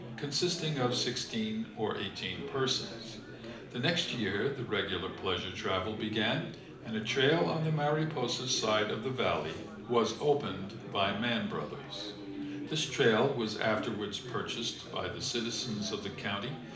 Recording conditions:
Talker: one person; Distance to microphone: 2.0 m; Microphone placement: close; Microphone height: 99 cm; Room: medium-sized (5.7 m by 4.0 m); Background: babble

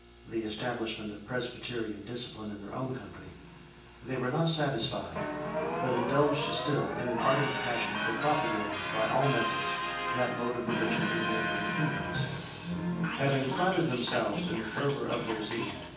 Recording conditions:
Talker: one person; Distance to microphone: 9.8 m; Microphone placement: far; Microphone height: 1.8 m; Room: large; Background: television

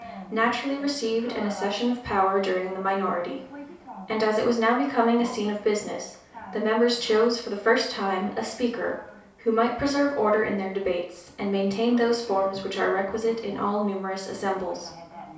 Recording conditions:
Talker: one person; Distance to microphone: 3.0 m; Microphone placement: far; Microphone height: 1.8 m; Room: small (3.7 m by 2.7 m); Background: television

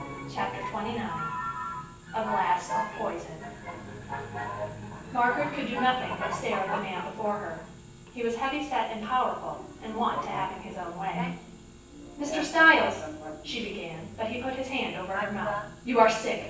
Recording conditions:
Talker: one person; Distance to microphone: 9.8 m; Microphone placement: far; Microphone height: 1.8 m; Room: large; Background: television

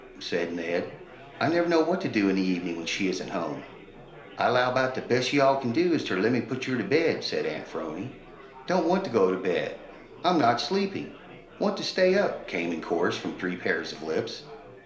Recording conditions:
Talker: one person; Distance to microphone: 1.0 m; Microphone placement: close; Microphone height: 1.1 m; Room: small (3.7 m by 2.7 m); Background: babble

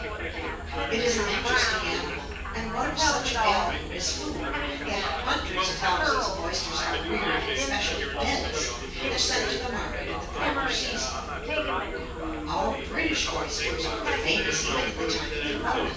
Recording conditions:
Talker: one person; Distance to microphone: 9.8 m; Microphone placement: far; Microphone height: 1.8 m; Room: large; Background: babble

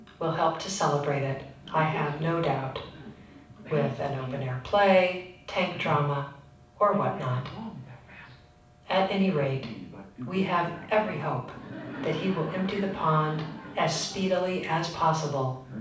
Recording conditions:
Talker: one person; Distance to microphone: 5.8 m; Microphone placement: far; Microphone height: 1.8 m; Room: medium-sized (5.7 m by 4.0 m); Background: television

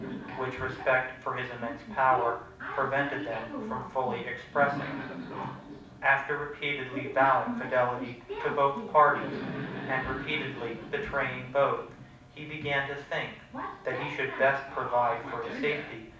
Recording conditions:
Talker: one person; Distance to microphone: 5.8 m; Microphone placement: far; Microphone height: 1.8 m; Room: medium-sized (5.7 m by 4.0 m); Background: television

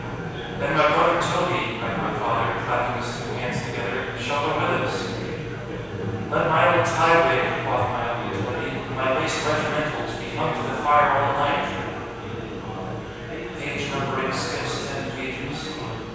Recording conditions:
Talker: one person; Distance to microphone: 7.1 m; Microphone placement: far; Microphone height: 1.7 m; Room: very reverberant, large; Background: babble

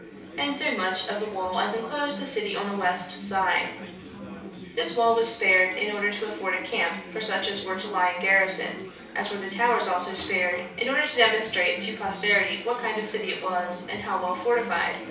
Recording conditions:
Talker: one person; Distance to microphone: 3.0 m; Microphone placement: far; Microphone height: 1.8 m; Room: small (3.7 m by 2.7 m); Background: babble

